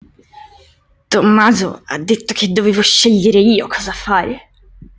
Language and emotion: Italian, angry